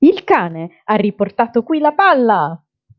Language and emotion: Italian, happy